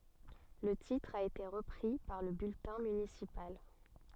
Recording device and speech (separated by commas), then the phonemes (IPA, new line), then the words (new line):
soft in-ear microphone, read sentence
lə titʁ a ete ʁəpʁi paʁ lə byltɛ̃ mynisipal
Le titre a été repris par le bulletin municipal.